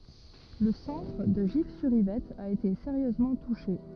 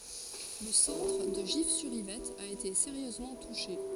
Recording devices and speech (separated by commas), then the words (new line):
rigid in-ear microphone, forehead accelerometer, read sentence
Le centre de Gif-sur-Yvette a été sérieusement touché.